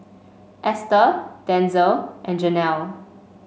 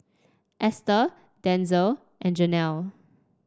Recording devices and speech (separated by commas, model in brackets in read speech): mobile phone (Samsung C5), standing microphone (AKG C214), read sentence